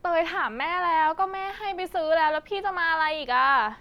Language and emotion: Thai, frustrated